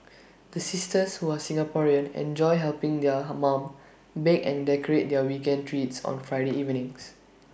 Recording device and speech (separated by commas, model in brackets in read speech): boundary microphone (BM630), read sentence